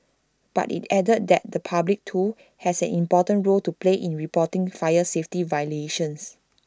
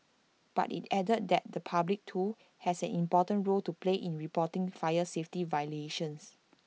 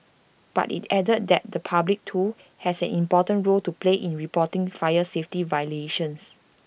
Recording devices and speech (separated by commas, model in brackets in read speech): standing microphone (AKG C214), mobile phone (iPhone 6), boundary microphone (BM630), read sentence